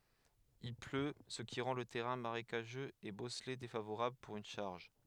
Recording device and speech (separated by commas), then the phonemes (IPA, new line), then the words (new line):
headset microphone, read sentence
il plø sə ki ʁɑ̃ lə tɛʁɛ̃ maʁekaʒøz e bɔsle defavoʁabl puʁ yn ʃaʁʒ
Il pleut, ce qui rend le terrain marécageux et bosselé défavorable pour une charge.